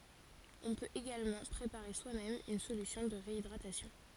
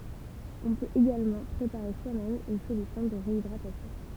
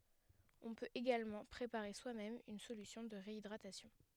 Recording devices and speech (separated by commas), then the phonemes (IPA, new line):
forehead accelerometer, temple vibration pickup, headset microphone, read sentence
ɔ̃ pøt eɡalmɑ̃ pʁepaʁe swamɛm yn solysjɔ̃ də ʁeidʁatasjɔ̃